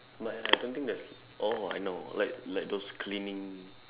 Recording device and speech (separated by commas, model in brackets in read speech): telephone, conversation in separate rooms